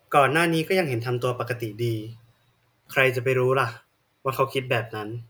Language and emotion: Thai, neutral